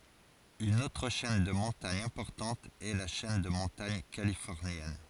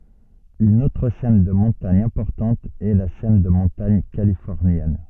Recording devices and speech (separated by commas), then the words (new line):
forehead accelerometer, soft in-ear microphone, read sentence
Une autre chaîne de montagne importante est la chaîne de montagne californienne.